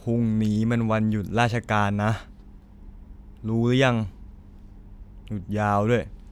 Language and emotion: Thai, frustrated